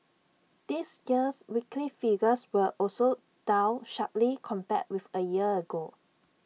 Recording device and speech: mobile phone (iPhone 6), read sentence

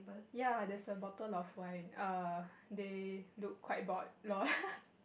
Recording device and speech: boundary microphone, conversation in the same room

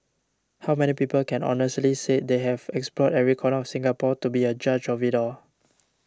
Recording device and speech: standing microphone (AKG C214), read sentence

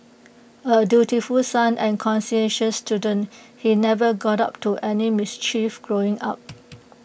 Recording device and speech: boundary microphone (BM630), read sentence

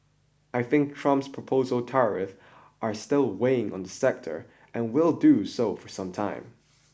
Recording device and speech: boundary microphone (BM630), read sentence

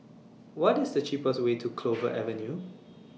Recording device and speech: mobile phone (iPhone 6), read sentence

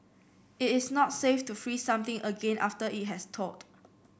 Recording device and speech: boundary microphone (BM630), read sentence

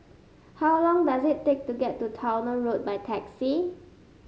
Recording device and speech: mobile phone (Samsung S8), read sentence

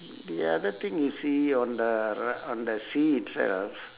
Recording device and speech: telephone, conversation in separate rooms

